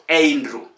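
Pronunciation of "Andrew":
'Andrew' is pronounced incorrectly here.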